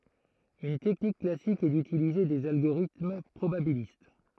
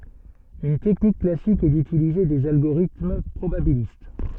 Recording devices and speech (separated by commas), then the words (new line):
throat microphone, soft in-ear microphone, read sentence
Une technique classique est d'utiliser des algorithmes probabilistes.